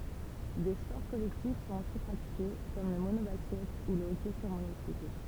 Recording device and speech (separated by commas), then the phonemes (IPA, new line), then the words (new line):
temple vibration pickup, read sentence
de spɔʁ kɔlɛktif sɔ̃t osi pʁatike kɔm lə monobaskɛt u lə ɔkɛ syʁ monosikl
Des sports collectifs sont aussi pratiqués, comme le mono-basket ou le hockey sur monocycle.